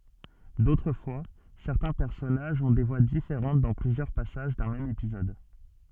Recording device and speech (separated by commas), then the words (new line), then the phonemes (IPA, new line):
soft in-ear microphone, read sentence
D'autres fois, certains personnages ont des voix différentes dans plusieurs passages d'un même épisode.
dotʁ fwa sɛʁtɛ̃ pɛʁsɔnaʒz ɔ̃ de vwa difeʁɑ̃t dɑ̃ plyzjœʁ pasaʒ dœ̃ mɛm epizɔd